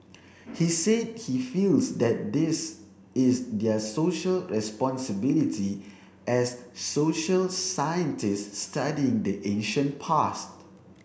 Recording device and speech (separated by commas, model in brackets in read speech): boundary microphone (BM630), read sentence